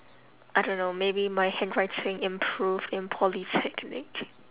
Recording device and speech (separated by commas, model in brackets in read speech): telephone, conversation in separate rooms